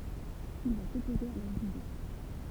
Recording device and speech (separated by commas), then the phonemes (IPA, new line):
temple vibration pickup, read sentence
il va sɔpoze a lœʁz ide